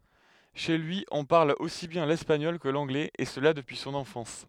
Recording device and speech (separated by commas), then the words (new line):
headset microphone, read sentence
Chez lui, on parle aussi bien l’espagnol que l’anglais, et cela depuis son enfance.